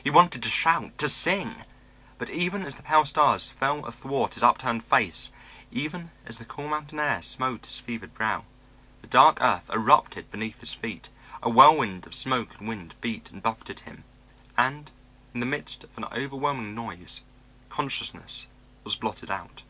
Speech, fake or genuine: genuine